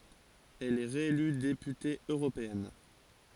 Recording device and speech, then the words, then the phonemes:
forehead accelerometer, read sentence
Elle est réélue députée européenne.
ɛl ɛ ʁeely depyte øʁopeɛn

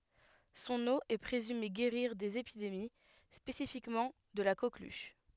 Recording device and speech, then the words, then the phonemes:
headset microphone, read sentence
Son eau est présumée guérir des épidémies, spécifiquement de la coqueluche.
sɔ̃n o ɛ pʁezyme ɡeʁiʁ dez epidemi spesifikmɑ̃ də la koklyʃ

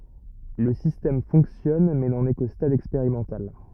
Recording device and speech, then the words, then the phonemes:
rigid in-ear microphone, read sentence
Le système fonctionne mais n'en est qu'au stade expérimental.
lə sistɛm fɔ̃ksjɔn mɛ nɑ̃n ɛ ko stad ɛkspeʁimɑ̃tal

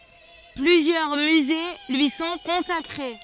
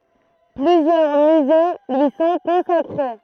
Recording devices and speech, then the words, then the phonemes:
forehead accelerometer, throat microphone, read sentence
Plusieurs musées lui sont consacrés.
plyzjœʁ myze lyi sɔ̃ kɔ̃sakʁe

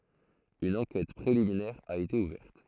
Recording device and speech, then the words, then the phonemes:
throat microphone, read sentence
Une enquête préliminaire a été ouverte.
yn ɑ̃kɛt pʁeliminɛʁ a ete uvɛʁt

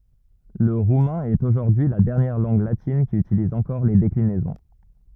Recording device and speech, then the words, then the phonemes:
rigid in-ear microphone, read sentence
Le roumain est aujourd'hui la dernière langue latine qui utilise encore les déclinaisons.
lə ʁumɛ̃ ɛt oʒuʁdyi y la dɛʁnjɛʁ lɑ̃ɡ latin ki ytiliz ɑ̃kɔʁ le deklinɛzɔ̃

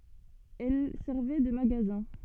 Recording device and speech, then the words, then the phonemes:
soft in-ear microphone, read sentence
Elles servaient de magasins.
ɛl sɛʁvɛ də maɡazɛ̃

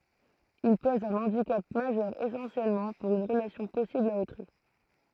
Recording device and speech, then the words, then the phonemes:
throat microphone, read sentence
Il pose un handicap majeur essentiellement pour une relation possible à autrui.
il pɔz œ̃ ɑ̃dikap maʒœʁ esɑ̃sjɛlmɑ̃ puʁ yn ʁəlasjɔ̃ pɔsibl a otʁyi

